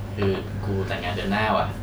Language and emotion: Thai, neutral